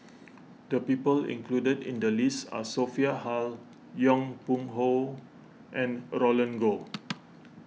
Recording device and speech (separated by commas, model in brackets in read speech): mobile phone (iPhone 6), read sentence